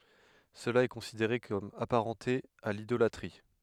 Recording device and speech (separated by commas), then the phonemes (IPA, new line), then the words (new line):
headset microphone, read sentence
səla ɛ kɔ̃sideʁe kɔm apaʁɑ̃te a lidolatʁi
Cela est considéré comme apparenté à l'idolâtrie.